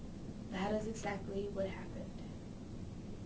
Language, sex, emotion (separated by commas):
English, female, neutral